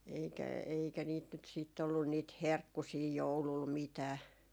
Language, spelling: Finnish, eikä eikä niitä nyt sitten ollut niitä herkkusia joululla mitään
- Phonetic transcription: eikä , eikä niit nyt sìt ollun niit "herkkusii 'joulul 'mitää .

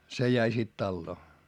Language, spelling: Finnish, se jäi sitten taloon
- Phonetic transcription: se jäi sit talloo .

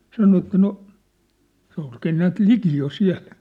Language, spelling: Finnish, sanoi että no se olikin näet liki jo siellä
- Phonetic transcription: 'sano että no , se (olkii) 'näät "liki jo "siä̭l .

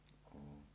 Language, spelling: Finnish, olen
- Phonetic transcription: oon .

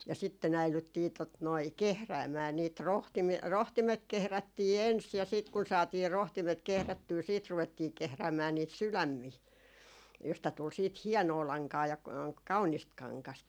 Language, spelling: Finnish, ja sitten äidyttiin tuota noin kehräämään niitä - rohtimet kehrättiin ensin ja sitten kun saatiin rohtimet kehrättyä sitten ruvettiin kehräämään niitä sydämiä josta tuli sitten hienoa lankaa ja kaunista kangasta
- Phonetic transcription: ja sitte'n ‿äilyttii , tot noi , "kehräämää niit ro- , 'rohtimet 'kehrättii 'ens ja sìt kun saatii 'rohtimet 'kehrättyy siit ruvettii 'kehräämää niit "sylämmii , josta tul siit "hiɛnoo 'laŋkaa ja , 'kaunist 'kaŋkast .

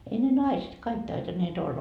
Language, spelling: Finnish, ei ne naiset kaikki taitaneet olla
- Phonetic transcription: ei ne "naiset 'kaik taitannee't ‿olla .

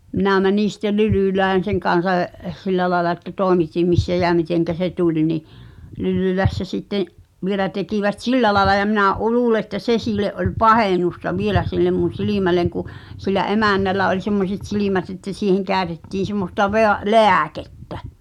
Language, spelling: Finnish, minä menin sitten Lylylään sen kanssa - sillä lailla että toimitin missä ja miten se tuli niin Lylylässä sitten vielä tekivät sillä lailla ja minä - luulen että se sille oli pahennusta vielä sille minun silmälleni kun sillä emännällä oli semmoiset silmät että siihen käytettiin semmoista - lääkettä
- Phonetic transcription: 'minä̀ 'mänìn̬ sⁱttel "Lylỳlään̬ 'seŋ kan̬sa j- , 'sillä laaᵉla että "t̀òemitim 'missä jä 'miteŋkä se "tuĺ ni’ , 'Lylylässä sitteḛ’ , 'vielä tekivät "sillä laĕla ja minä ’u- 'luule ᵉttä "se siile’ ’oĺ "pahènusta 'vielä sillem mun̬ "silìmäleŋ ku , sillä '’emännällä oĺ semmoset "silimät että 'siiheŋ kä̀ötettiin̬ semmosta 'veä- , "lè̳ä̳̀kettᴀ̈ .

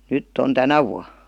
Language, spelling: Finnish, nyt on tänä vuonna
- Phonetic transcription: nytt ‿on "tänä vua .

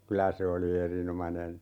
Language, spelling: Finnish, kyllä se oli erinomainen
- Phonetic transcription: 'kylä se oli "erinomanen .

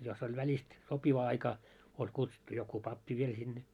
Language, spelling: Finnish, jos oli välistä sopiva aika oli kutsuttu joku pappi vielä sinne
- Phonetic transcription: jos oĺ 'väĺist , 'sopiva aika , oĺ 'kutsuttu joku "pappi 'viel sinne .

